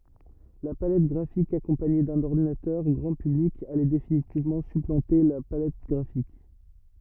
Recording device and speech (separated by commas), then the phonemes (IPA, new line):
rigid in-ear microphone, read sentence
la palɛt ɡʁafik akɔ̃paɲe dœ̃n ɔʁdinatœʁ ɡʁɑ̃ pyblik alɛ definitivmɑ̃ syplɑ̃te la palɛt ɡʁafik